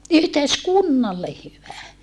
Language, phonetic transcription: Finnish, yhteiskunnalle hyvä .
- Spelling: yhteiskunnalle hyvä

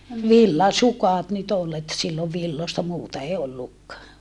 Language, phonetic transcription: Finnish, villasukàt nyt ‿ol et sillov villosta muuta ei ollukkaa .
- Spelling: villasukat nyt oli että silloin villoista muuta ei ollutkaan

